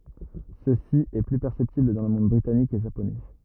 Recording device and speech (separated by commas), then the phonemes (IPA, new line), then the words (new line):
rigid in-ear microphone, read sentence
səsi ɛ ply pɛʁsɛptibl dɑ̃ lə mɔ̃d bʁitanik e ʒaponɛ
Ceci est plus perceptible dans le monde britannique et japonais.